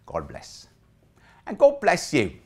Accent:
English accent